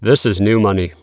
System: none